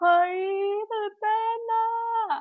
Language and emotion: Thai, happy